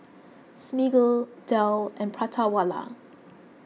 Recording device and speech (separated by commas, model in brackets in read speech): mobile phone (iPhone 6), read sentence